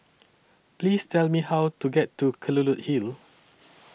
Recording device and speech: boundary microphone (BM630), read sentence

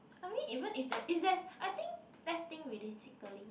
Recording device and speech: boundary microphone, conversation in the same room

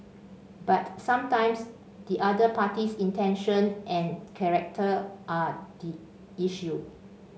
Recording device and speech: mobile phone (Samsung C5), read sentence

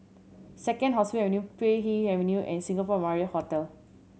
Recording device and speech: mobile phone (Samsung C7100), read sentence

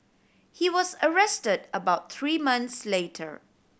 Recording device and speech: boundary microphone (BM630), read sentence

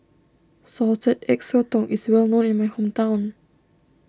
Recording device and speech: standing microphone (AKG C214), read sentence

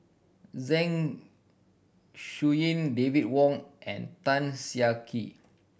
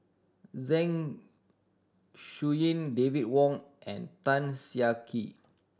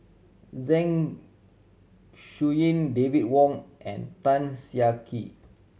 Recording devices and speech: boundary microphone (BM630), standing microphone (AKG C214), mobile phone (Samsung C7100), read sentence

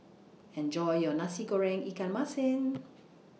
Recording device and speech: mobile phone (iPhone 6), read sentence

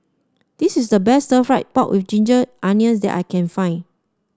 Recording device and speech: standing microphone (AKG C214), read sentence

